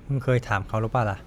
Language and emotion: Thai, neutral